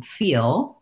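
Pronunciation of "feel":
In 'feel', the word ends in a dark L with no final light L touch, and it is still heard as an L.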